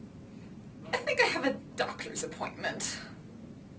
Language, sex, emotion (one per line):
English
female
sad